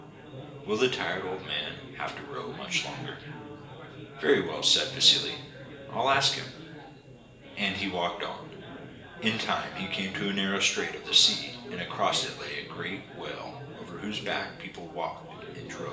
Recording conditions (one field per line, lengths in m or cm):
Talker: one person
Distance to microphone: 1.8 m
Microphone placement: close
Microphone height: 1.0 m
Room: large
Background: babble